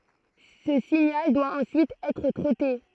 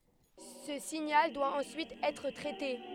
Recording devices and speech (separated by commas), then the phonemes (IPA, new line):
throat microphone, headset microphone, read sentence
sə siɲal dwa ɑ̃syit ɛtʁ tʁɛte